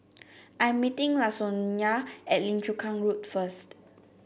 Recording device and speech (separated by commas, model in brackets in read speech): boundary microphone (BM630), read sentence